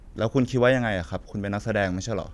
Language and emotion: Thai, neutral